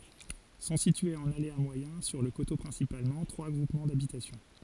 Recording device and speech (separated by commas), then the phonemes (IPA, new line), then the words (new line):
forehead accelerometer, read sentence
sɔ̃ sityez ɑ̃n alea mwajɛ̃ syʁ lə koto pʁɛ̃sipalmɑ̃ tʁwa ɡʁupmɑ̃ dabitasjɔ̃
Sont situés en aléa moyen, sur le coteau principalement, trois groupements d’habitation.